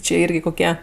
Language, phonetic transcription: Lithuanian, čė ˈirgi koˈkie

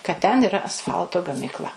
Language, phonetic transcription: Lithuanian, kad ten iˈra asˈfalto gamykˈla

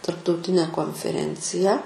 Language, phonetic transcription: Lithuanian, tarptauˈtine konfeˈrenciją

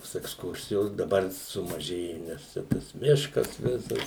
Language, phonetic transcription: Lithuanian, tos eksˈkursijos daˈbar sumaˈžėju nes ˈčia tas ˈmiškas ˈvisas

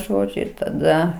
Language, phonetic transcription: Lithuanian, ˈžodžiu ir taˈda

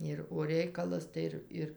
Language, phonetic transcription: Lithuanian, ir o ˈreikalas tai ˈir ˈir

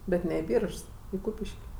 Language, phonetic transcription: Lithuanian, ˈbet ne i ˈbyržs i ˈkūpiš'k'

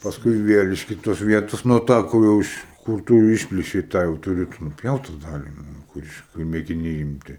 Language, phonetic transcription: Lithuanian, pasˈkui ˈvėl iš ˈkitos ˈvietos nu ˈtą kur jau ˈiš kur ˈtu jau ˈišplėšei ˈtą jau tuˈri tu nuˈpjaut ta ˈdali ˈnu kur ˈiš kur mėgiˈniai imˈti

